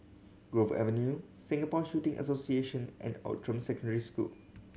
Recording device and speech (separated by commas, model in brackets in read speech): mobile phone (Samsung C7100), read sentence